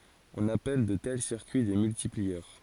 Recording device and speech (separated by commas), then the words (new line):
forehead accelerometer, read sentence
On appelle de tels circuits des multiplieurs.